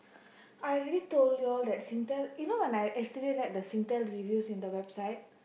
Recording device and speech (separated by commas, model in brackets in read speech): boundary microphone, conversation in the same room